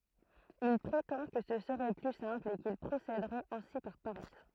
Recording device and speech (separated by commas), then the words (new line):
throat microphone, read sentence
Il prétend que ce serait plus simple et qu'il procéderait ainsi par paresse.